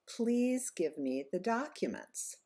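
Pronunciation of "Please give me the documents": The pitch goes up on 'documents' and then comes down at the end of the sentence.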